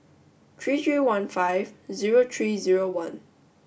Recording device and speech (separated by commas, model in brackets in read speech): boundary microphone (BM630), read sentence